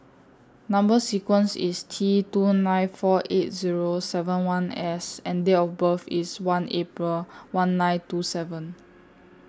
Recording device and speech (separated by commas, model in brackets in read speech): standing microphone (AKG C214), read sentence